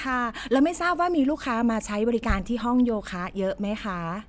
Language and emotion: Thai, happy